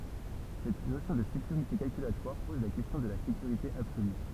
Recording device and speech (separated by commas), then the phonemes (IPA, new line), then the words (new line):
temple vibration pickup, read sentence
sɛt nosjɔ̃ də sekyʁite kalkylatwaʁ pɔz la kɛstjɔ̃ də la sekyʁite absoly
Cette notion de sécurité calculatoire pose la question de la sécurité absolue.